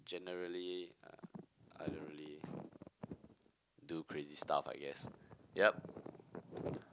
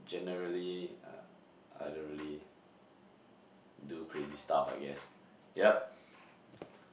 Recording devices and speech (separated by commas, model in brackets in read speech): close-talking microphone, boundary microphone, conversation in the same room